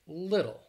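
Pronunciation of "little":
In 'little', the t is a flap T that sounds more like a soft D, followed by a dark L.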